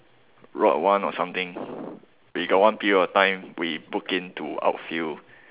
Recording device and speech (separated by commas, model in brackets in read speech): telephone, conversation in separate rooms